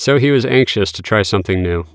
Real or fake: real